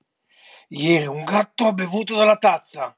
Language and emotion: Italian, angry